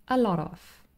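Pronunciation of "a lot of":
'A lot of' is said fast, and the t in 'lot' is a little flap T instead of a full t plosive.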